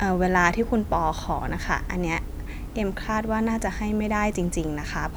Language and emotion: Thai, neutral